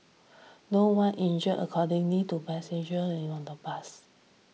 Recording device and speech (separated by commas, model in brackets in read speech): mobile phone (iPhone 6), read sentence